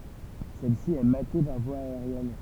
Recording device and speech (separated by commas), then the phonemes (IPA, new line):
temple vibration pickup, read sentence
sɛlsi ɛ mate paʁ vwa aeʁjɛn